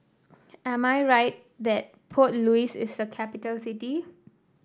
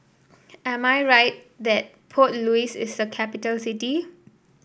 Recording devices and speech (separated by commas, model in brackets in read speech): standing microphone (AKG C214), boundary microphone (BM630), read sentence